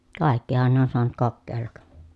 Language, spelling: Finnish, kaikkihan ne on saanut kokeilla
- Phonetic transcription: kàekkihan ne ‿on soanut kokkeellak .

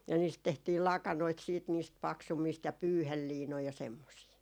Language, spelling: Finnish, ja niistä tehtiin lakanoita sitten niistä paksummista ja pyyheliinoja ja semmoisia
- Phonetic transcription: ja niist 'tehtiil "lakanoit siit niist 'paksummiist ja "pyyhelliinoi ja semmosii .

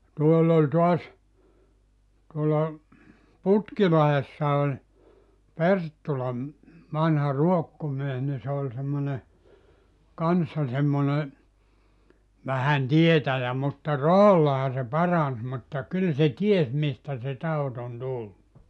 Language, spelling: Finnish, tuolla oli taas tuolla Putkilahdessa oli Perttula vanha ruokkomies niin se oli semmoinen kanssa semmoinen vähän tietäjä mutta rahallahan se paransi mutta kyllä se tiesi mistä se tauti on tullut
- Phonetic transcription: 'tuoll ‿oĺ 'tuas , tuolla , "Putkilahessa oĺ , "Perttula , vanha "ruokkomies ni se oĺ semmone , "kanssa 'semmone , vähän "tietäjä mutta "rahallaha se "parans mutta 'kyl se "ties 'mistä se 'taut ‿on "tullu .

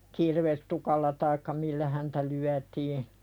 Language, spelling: Finnish, kirvestukilla tai millä häntä lyötiin
- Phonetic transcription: 'kirvestukalla taikka "millä häntä lyätii .

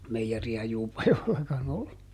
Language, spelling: Finnish, meijeriä Juupajoellakaan ollut
- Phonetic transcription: ˈmeijeri₍ä ˈJuupajo₍ellakan ‿ollu .

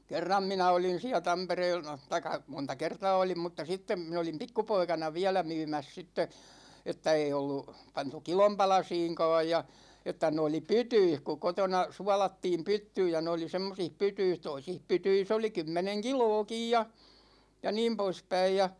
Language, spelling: Finnish, kerran minä olin siellä - tai monta kertaa olin mutta sitten minä olin pikkupoikana vielä myymässä sitten että ei ollut pantu kilon palasiinkaan ja että ne oli pytyissä kun kotona suolattiin pyttyyn ja ne oli semmoisissa pytyissä toisissa pytyissä oli kymmenen kiloakin ja ja niin poispäin ja
- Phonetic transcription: kerram 'minä olin̬ siä 'Tampereel- , 'taik̆ka , 'monta "kertaa olim mutta 'sittem mi(n) ‿olim "pikkupoikana "viälä 'myymäs sitte , että 'ei ollu , 'pantu "kilom 'palasiiŋka̭a̭j ja , että 'ne oli "pytyih ku 'kotona , "sualattiim "pyttyyj ja ne oli 'semmosih 'pytyis "toisih 'pytyis ‿oli 'kymmeneŋ "kilookij ja , ja 'niim 'poispäij ja ,.

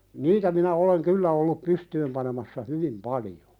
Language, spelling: Finnish, niitä minä olen kyllä ollut pystyyn panemassa hyvin paljon
- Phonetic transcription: niitä minä oleŋ 'kyllä ollup 'pystyym panemassa "hyvim 'palijᴏ .

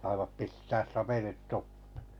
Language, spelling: Finnish, saivat pistää sapelit tuppeen
- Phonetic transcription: saivap 'pistääs 'sapelit 'tuppᴇ .

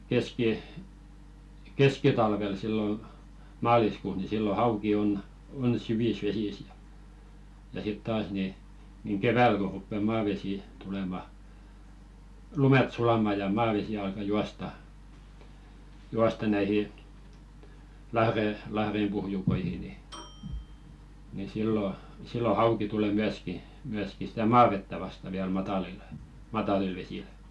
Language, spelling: Finnish, - keskitalvella silloin maaliskuussa niin silloin hauki on on syvissä vesissä ja ja sitten taas niin niin keväällä kun rupeaa maavesi tulemaan lumet sulamaan ja maavesi alkaa juosta juosta näihin - lahdenpohjukoihin niin niin silloin silloin hauki tulee myöskin myöskin sitä maavettä vastaan vielä matalilla matalilla vesillä
- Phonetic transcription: keski- , "keskitalvel sillo , 'maaliskuus ni 'sillo "hauki on , on "syvis "vesis ja , ja sit 'taas ni , niŋ "keväl ko ruppe 'maavesì , tulema , "lumet sulama ja 'maavesi alka "juasta , 'juasta näihi , lahre- 'lahrempuhjukoihi ni , ni sillo , 'sillo "hauki tulè 'myäski , myäski stä "maavettä 'vasta viäl 'matalilᴇ , "matalil 'vesil .

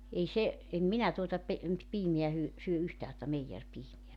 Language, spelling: Finnish, ei se en minä tuota - piimää - syö yhtään tuota meijeripiimää
- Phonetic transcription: 'ei 'se , 'em "minä tuota pe- , 'piimeä hyö- , 'syö 'yhtää tᵒta "meijerpiimeä .

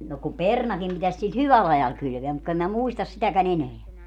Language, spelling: Finnish, no kun perunakin pitäisi sillä hyvällä ajalla kylvää mutta kun en minä muista sitäkään enää
- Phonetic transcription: no ku "pernakim 'pitäs sil "hyväl 'ajal 'kylveä mut ku em mä 'muistas sitäkä'n ‿eneä .

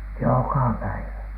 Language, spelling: Finnish, joka päivä
- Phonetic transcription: joka 'päivä .

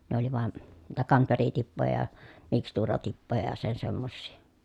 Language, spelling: Finnish, ne oli vain niitä kamferitippoja ja mikstuuratippoja ja sen semmoisia
- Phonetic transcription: ne ‿oli vᵘan , niitä kamweritippoja (ja) , mikstuuratippoja ja sen semmossii .

